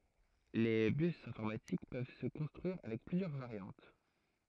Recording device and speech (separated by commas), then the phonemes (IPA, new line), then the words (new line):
throat microphone, read sentence
le bys ɛ̃fɔʁmatik pøv sə kɔ̃stʁyiʁ avɛk plyzjœʁ vaʁjɑ̃t
Les bus informatiques peuvent se construire avec plusieurs variantes.